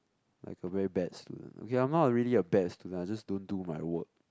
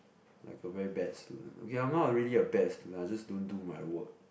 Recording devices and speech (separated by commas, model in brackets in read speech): close-talking microphone, boundary microphone, conversation in the same room